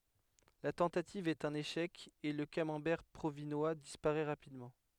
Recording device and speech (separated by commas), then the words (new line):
headset microphone, read sentence
La tentative est un échec et le Camembert provinois disparaît rapidement.